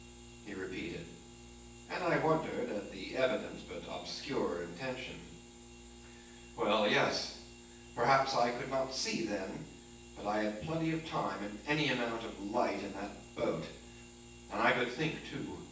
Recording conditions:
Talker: one person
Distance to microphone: 9.8 m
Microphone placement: far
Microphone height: 1.8 m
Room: large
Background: none

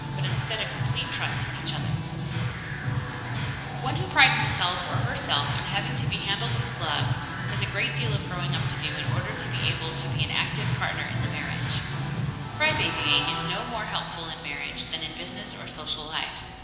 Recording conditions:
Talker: one person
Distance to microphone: 1.7 m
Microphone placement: close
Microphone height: 1.0 m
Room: very reverberant, large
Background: music

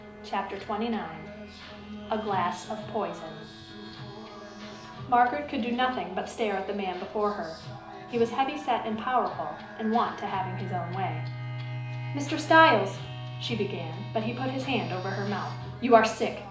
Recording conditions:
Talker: one person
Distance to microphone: 2.0 m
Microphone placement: close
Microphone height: 99 cm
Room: medium-sized (5.7 m by 4.0 m)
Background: music

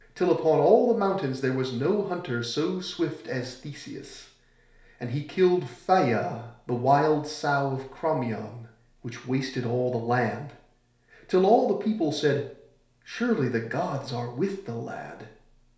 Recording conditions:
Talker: one person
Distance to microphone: 1.0 m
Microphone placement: close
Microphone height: 1.1 m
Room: small (3.7 m by 2.7 m)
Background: none

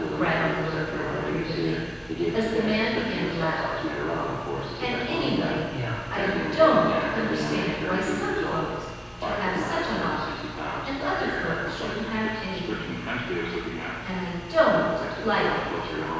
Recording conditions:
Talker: one person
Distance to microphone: 7.1 m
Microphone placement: far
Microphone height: 1.7 m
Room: very reverberant, large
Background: television

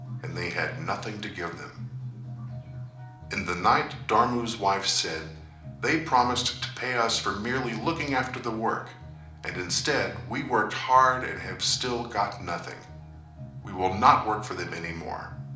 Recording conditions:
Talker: one person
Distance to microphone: 2.0 m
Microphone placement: close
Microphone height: 99 cm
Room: medium-sized (5.7 m by 4.0 m)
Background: music

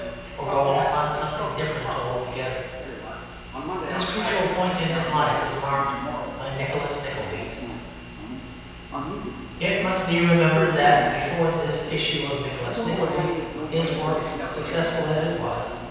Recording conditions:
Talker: one person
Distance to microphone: 7.1 m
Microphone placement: far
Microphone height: 1.7 m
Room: very reverberant, large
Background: television

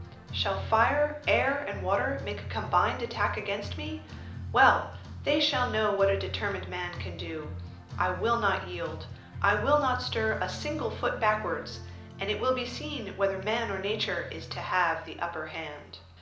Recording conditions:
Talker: one person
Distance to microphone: 2.0 m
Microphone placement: close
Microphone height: 99 cm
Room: medium-sized (5.7 m by 4.0 m)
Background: music

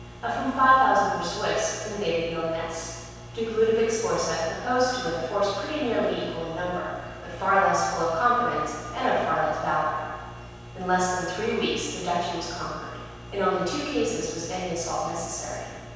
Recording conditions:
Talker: one person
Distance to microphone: 7.1 m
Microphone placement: far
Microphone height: 1.7 m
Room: very reverberant, large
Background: none

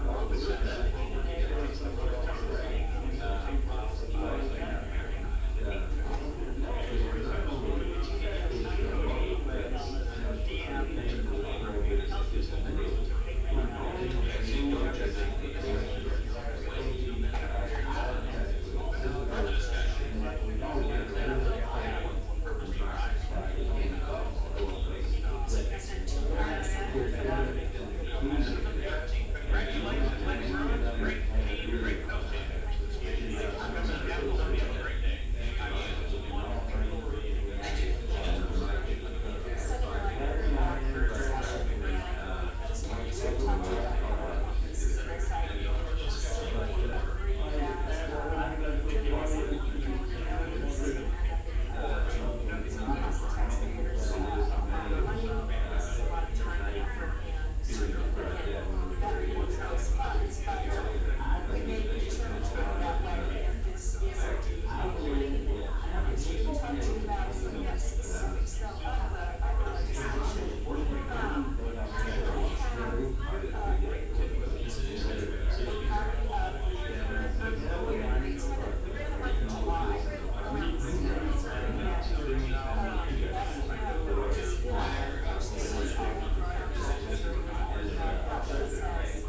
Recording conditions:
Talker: no one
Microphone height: 1.7 m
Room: large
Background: babble

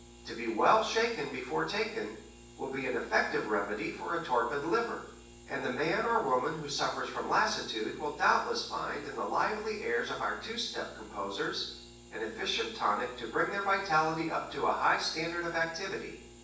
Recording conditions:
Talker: one person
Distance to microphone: 9.8 m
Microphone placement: far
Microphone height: 1.8 m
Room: large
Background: none

